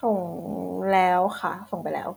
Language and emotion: Thai, frustrated